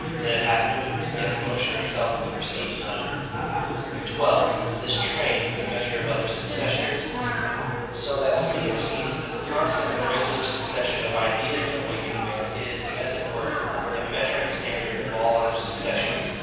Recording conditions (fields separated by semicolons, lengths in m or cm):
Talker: one person; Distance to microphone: 7.1 m; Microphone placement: far; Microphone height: 1.7 m; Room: very reverberant, large; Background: babble